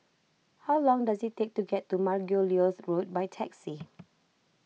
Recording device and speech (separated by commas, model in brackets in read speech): mobile phone (iPhone 6), read sentence